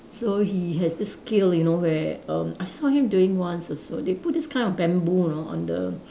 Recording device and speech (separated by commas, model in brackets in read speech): standing microphone, conversation in separate rooms